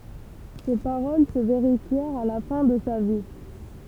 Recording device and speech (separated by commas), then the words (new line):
temple vibration pickup, read sentence
Ces paroles se vérifièrent à la fin de sa vie.